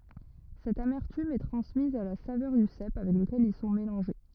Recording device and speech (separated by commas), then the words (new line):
rigid in-ear microphone, read sentence
Cette amertume est transmise à la saveur du cèpe avec lequel ils sont mélangés.